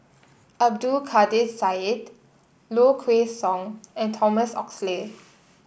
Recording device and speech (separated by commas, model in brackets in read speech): boundary microphone (BM630), read sentence